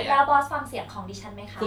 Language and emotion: Thai, frustrated